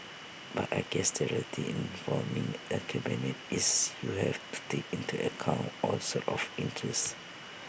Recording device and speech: boundary microphone (BM630), read sentence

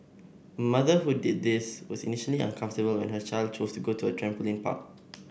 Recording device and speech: boundary microphone (BM630), read sentence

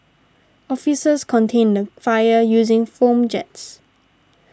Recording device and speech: standing microphone (AKG C214), read sentence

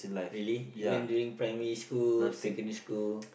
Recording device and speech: boundary microphone, conversation in the same room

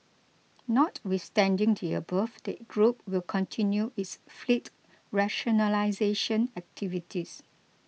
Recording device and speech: mobile phone (iPhone 6), read sentence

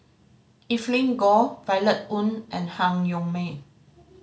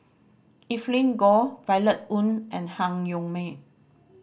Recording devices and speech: mobile phone (Samsung C5010), boundary microphone (BM630), read sentence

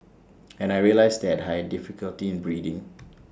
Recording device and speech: standing microphone (AKG C214), read sentence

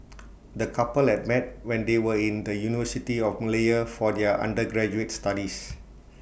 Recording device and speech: boundary microphone (BM630), read sentence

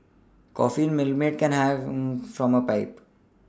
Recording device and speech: standing microphone (AKG C214), read sentence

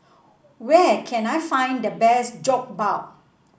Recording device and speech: boundary microphone (BM630), read sentence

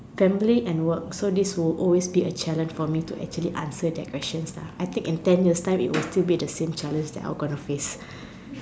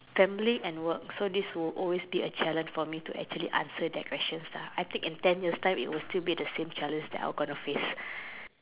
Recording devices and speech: standing microphone, telephone, conversation in separate rooms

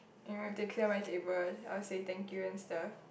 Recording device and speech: boundary microphone, conversation in the same room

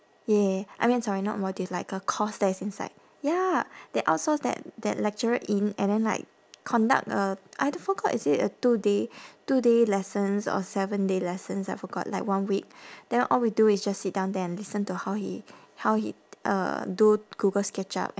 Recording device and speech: standing microphone, conversation in separate rooms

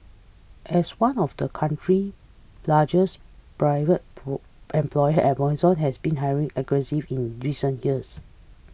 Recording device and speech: boundary microphone (BM630), read sentence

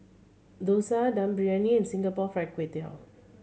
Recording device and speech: mobile phone (Samsung C7100), read sentence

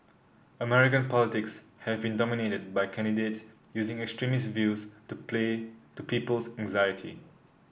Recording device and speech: boundary microphone (BM630), read sentence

